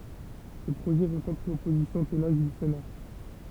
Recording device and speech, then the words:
temple vibration pickup, read sentence
Ces projets rencontrent l’opposition tenace du Sénat.

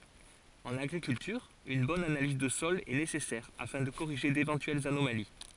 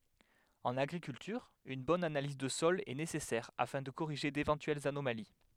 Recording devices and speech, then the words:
forehead accelerometer, headset microphone, read sentence
En agriculture, une bonne analyse de sol est nécessaire afin de corriger d'éventuelles anomalies.

